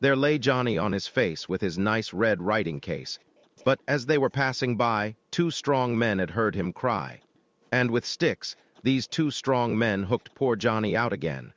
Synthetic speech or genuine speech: synthetic